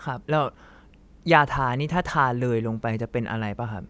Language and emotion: Thai, neutral